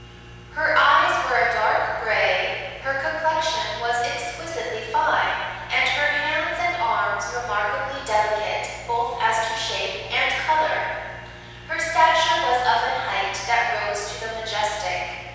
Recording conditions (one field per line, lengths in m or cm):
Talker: one person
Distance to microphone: 7.1 m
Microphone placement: far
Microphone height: 1.7 m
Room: very reverberant, large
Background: none